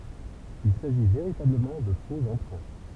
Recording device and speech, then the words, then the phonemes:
temple vibration pickup, read sentence
Il s'agit véritablement de faux emprunts.
il saʒi veʁitabləmɑ̃ də fo ɑ̃pʁɛ̃

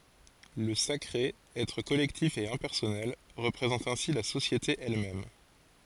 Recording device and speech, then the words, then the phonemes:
forehead accelerometer, read sentence
Le sacré, être collectif et impersonnel, représente ainsi la société elle-même.
lə sakʁe ɛtʁ kɔlɛktif e ɛ̃pɛʁsɔnɛl ʁəpʁezɑ̃t ɛ̃si la sosjete ɛl mɛm

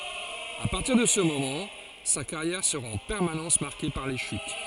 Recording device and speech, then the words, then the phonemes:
forehead accelerometer, read sentence
À partir de ce moment, sa carrière sera en permanence marquée par les chutes.
a paʁtiʁ də sə momɑ̃ sa kaʁjɛʁ səʁa ɑ̃ pɛʁmanɑ̃s maʁke paʁ le ʃyt

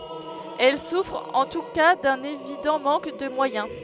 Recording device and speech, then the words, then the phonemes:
headset microphone, read sentence
Elles souffrent en tout cas d’un évident manque de moyens.
ɛl sufʁt ɑ̃ tu ka dœ̃n evidɑ̃ mɑ̃k də mwajɛ̃

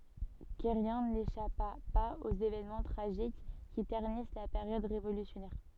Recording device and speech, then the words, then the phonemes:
soft in-ear microphone, read sentence
Querrien n'échappa pas aux évènements tragiques qui ternissent la période révolutionnaire.
kɛʁjɛ̃ neʃapa paz oz evɛnmɑ̃ tʁaʒik ki tɛʁnis la peʁjɔd ʁevolysjɔnɛʁ

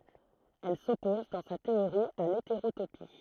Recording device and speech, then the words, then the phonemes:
throat microphone, read sentence
Elle s'oppose, dans sa théorie, à l'hétérotopie.
ɛl sɔpɔz dɑ̃ sa teoʁi a leteʁotopi

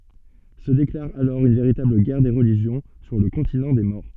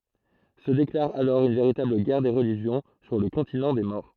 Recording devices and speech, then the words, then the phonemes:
soft in-ear microphone, throat microphone, read sentence
Se déclare alors une véritable guerre des religions sur le continent des morts.
sə deklaʁ alɔʁ yn veʁitabl ɡɛʁ de ʁəliʒjɔ̃ syʁ lə kɔ̃tinɑ̃ de mɔʁ

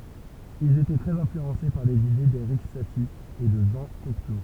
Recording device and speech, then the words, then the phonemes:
temple vibration pickup, read sentence
Ils étaient très influencés par les idées d'Erik Satie et de Jean Cocteau.
ilz etɛ tʁɛz ɛ̃flyɑ̃se paʁ lez ide deʁik sati e də ʒɑ̃ kɔkto

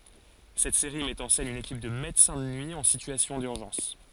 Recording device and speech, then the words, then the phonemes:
forehead accelerometer, read sentence
Cette série met en scène une équipe de médecins de nuit en situation d'urgence.
sɛt seʁi mɛt ɑ̃ sɛn yn ekip də medəsɛ̃ də nyi ɑ̃ sityasjɔ̃ dyʁʒɑ̃s

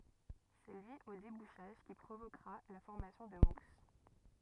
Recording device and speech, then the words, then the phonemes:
rigid in-ear microphone, read sentence
C'est lui au débouchage qui provoquera la formation de mousse.
sɛ lyi o debuʃaʒ ki pʁovokʁa la fɔʁmasjɔ̃ də mus

